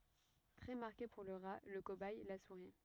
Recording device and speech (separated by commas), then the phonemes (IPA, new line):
rigid in-ear microphone, read sentence
tʁɛ maʁke puʁ lə ʁa lə kobɛj la suʁi